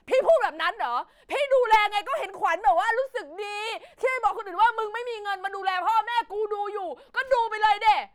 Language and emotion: Thai, angry